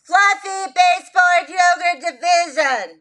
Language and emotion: English, fearful